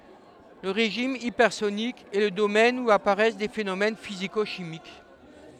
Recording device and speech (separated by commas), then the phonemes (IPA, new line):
headset microphone, read sentence
lə ʁeʒim ipɛʁsonik ɛ lə domɛn u apaʁɛs de fenomɛn fiziko ʃimik